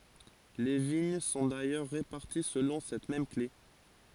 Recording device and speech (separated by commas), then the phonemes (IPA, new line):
forehead accelerometer, read sentence
le viɲ sɔ̃ dajœʁ ʁepaʁti səlɔ̃ sɛt mɛm kle